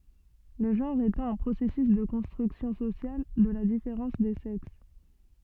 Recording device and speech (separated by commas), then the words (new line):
soft in-ear microphone, read sentence
Le genre étant un processus de construction sociale de la différence des sexes.